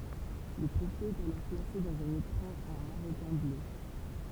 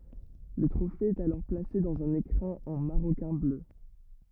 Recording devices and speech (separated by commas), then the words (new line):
temple vibration pickup, rigid in-ear microphone, read sentence
Le trophée est alors placé dans un écrin en maroquin bleu.